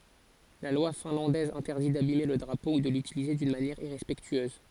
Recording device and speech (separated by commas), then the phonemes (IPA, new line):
forehead accelerometer, read sentence
la lwa fɛ̃lɑ̃dɛz ɛ̃tɛʁdi dabime lə dʁapo u də lytilize dyn manjɛʁ iʁɛspɛktyøz